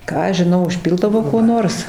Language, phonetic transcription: Lithuanian, ˈką aš žiˈnau užˈpildavo kuo ˈnors

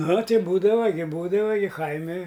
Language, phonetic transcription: Lithuanian, ˈnu ˈti ˈbūdava gi ˈbūdava gi ˈkaimi

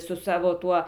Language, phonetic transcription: Lithuanian, su ˈsavo ˈtuo

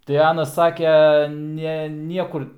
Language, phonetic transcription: Lithuanian, tai ˈanas ˈsake ˈne ˈniekur

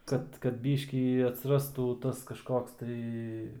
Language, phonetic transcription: Lithuanian, ˈkad kad ˈbyškį atsiˈrastų ˈtas kažˈkoks tai

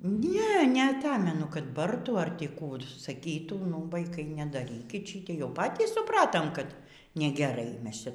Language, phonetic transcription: Lithuanian, ˈne neaˈtamenu kad ˈbartų ar ˈtį ˈkų saˈkytų nu vaiˈkai nedaˈrykit ˈšytėi jau ˈpatys suˈpratom kad negeˈrai ˈmes ˈčia

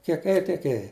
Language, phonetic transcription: Lithuanian, kiek ˈėji tiek ˈėji

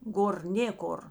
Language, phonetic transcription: Lithuanian, ˈgor ˈnėkor

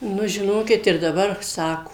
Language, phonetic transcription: Lithuanian, ˈnu žiˈnokit ir daˈbar ˈsako

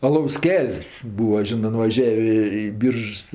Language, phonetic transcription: Lithuanian, aˈlaus ˈkel's' ˈbūa ˈžinɜ nuvaˈžiavė i ˈbyržs

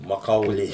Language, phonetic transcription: Lithuanian, maˈkaulė

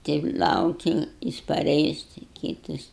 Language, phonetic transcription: Lithuanian, ˈteip ˈlauki ˈjis paˈreis ti ˈkytas

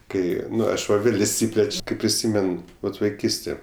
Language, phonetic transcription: Lithuanian, ˈkai ˈaš ˈva ˈvėl' išˈsypleč' ˈkai priˈsymen ˈvat vaiˈkystė

